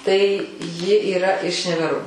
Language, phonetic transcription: Lithuanian, tai ˈji yˈra iš neveˈro

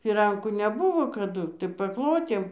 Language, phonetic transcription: Lithuanian, fiˈrankų neˈbuvo kaˈdu tai paˈklotėm

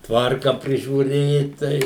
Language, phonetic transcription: Lithuanian, ˈtvarka prižiūˈrėt ˈtai

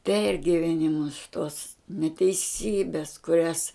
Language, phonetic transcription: Lithuanian, ˈpergivenimus tuos neteiˈsybes kuˈrias

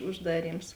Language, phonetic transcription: Lithuanian, užˈdaˌryms

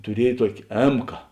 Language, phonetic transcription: Lithuanian, tuˈriej ˈtuokė (ˈėmka mk)

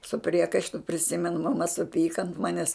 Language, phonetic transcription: Lithuanian, su ˈpriekaištu priˈsimenu maˈma suˈpyka ant ˈmanes

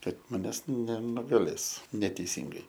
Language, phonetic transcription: Lithuanian, ˈkad maˈnęs nenugaˈlės neteiˈsingai

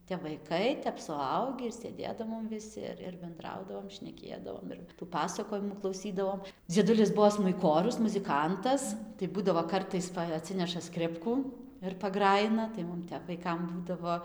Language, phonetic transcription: Lithuanian, tep vaiˈkai ˈtep suˈaugį ir sėˈdėdavom viˈsi ir ir benˈdraudavom šneˈkėdavom ir ˈpasakojimų klauˈsydavom dzieˈdulis ˈbuo smuiˈkorius muziˈkantas tai ˈbūdavo ˈkartais ˈpa aˈtsineša ˈskripkų ir paˈgrajina tai ˈmum ˈtep vaiˈkam ˈbūdavo

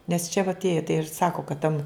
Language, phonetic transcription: Lithuanian, nes čia va atˈėje tai ir ˈsako kad ten

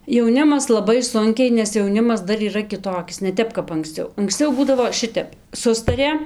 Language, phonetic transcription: Lithuanian, jauˈnimas laˈbai ˈsunkiai nes jauˈnimas ˈdar yˈra kiˈtokis ne ˈtep kap anksˈciau anksˈciau ˈbūdavo ˈšitep ˈsustarė

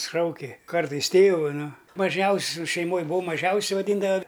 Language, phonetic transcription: Lithuanian, ˈšauki ˈkartais ˈtėvu ˈnu maˈžiausiu šeiˈmoj buˈvau maˈžiausiu vaˈdyndava

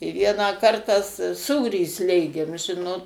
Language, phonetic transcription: Lithuanian, i ˈvieną ˈkartą s ˈsūrį ˈslėgėm ˈžinot

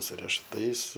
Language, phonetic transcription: Lithuanian, su rešuˈtais

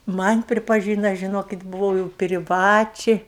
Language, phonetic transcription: Lithuanian, ˈman' pripaˈžyna žiˈnokit buˈvau jau priˈvačiai

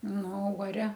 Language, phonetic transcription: Lithuanian, ˈnu o uoˈre

